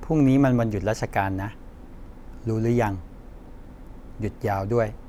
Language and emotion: Thai, neutral